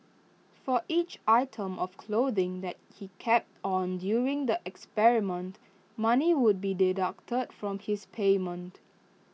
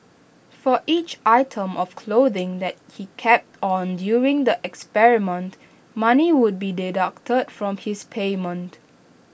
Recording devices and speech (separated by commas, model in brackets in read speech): mobile phone (iPhone 6), boundary microphone (BM630), read sentence